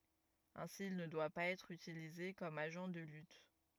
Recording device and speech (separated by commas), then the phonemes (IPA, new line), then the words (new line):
rigid in-ear microphone, read sentence
ɛ̃si il nə dwa paz ɛtʁ ytilize kɔm aʒɑ̃ də lyt
Ainsi, il ne doit pas être utilisé comme agent de lutte.